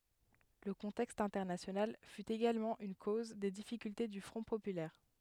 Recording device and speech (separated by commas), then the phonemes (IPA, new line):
headset microphone, read sentence
lə kɔ̃tɛkst ɛ̃tɛʁnasjonal fy eɡalmɑ̃ yn koz de difikylte dy fʁɔ̃ popylɛʁ